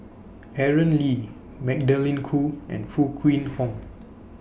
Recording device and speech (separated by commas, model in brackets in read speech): boundary microphone (BM630), read sentence